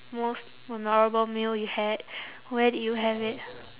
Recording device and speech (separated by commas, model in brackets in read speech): telephone, conversation in separate rooms